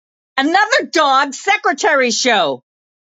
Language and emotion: English, angry